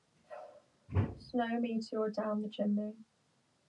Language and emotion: English, sad